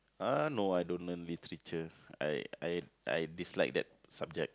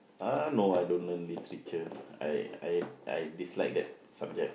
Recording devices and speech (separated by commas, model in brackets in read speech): close-talking microphone, boundary microphone, conversation in the same room